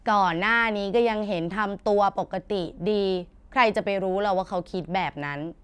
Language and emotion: Thai, frustrated